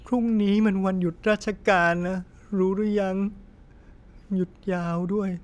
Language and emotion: Thai, sad